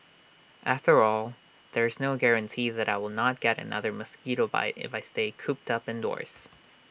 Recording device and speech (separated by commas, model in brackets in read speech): boundary microphone (BM630), read sentence